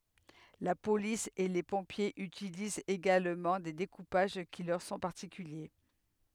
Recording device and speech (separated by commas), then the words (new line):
headset microphone, read sentence
La police et les pompiers utilisent également des découpages qui leur sont particuliers.